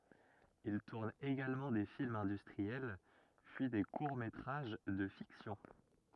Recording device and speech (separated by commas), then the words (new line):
rigid in-ear microphone, read sentence
Il tourne également des films industriels, puis des courts métrages de fiction.